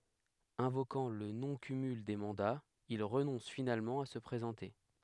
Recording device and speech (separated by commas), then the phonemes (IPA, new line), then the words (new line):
headset microphone, read sentence
ɛ̃vokɑ̃ lə nɔ̃ kymyl de mɑ̃daz il ʁənɔ̃s finalmɑ̃ a sə pʁezɑ̃te
Invoquant le non-cumul des mandats, il renonce finalement à se présenter.